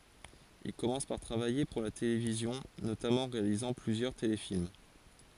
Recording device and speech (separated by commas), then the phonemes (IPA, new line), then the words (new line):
forehead accelerometer, read sentence
il kɔmɑ̃s paʁ tʁavaje puʁ la televizjɔ̃ notamɑ̃ ɑ̃ ʁealizɑ̃ plyzjœʁ telefilm
Il commence par travailler pour la télévision, notamment en réalisant plusieurs téléfilms.